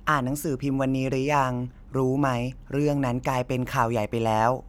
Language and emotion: Thai, neutral